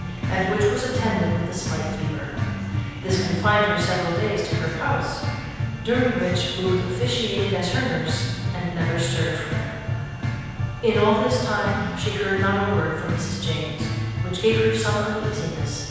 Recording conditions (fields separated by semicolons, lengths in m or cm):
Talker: one person; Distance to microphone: 7.1 m; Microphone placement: far; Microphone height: 1.7 m; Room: very reverberant, large; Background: music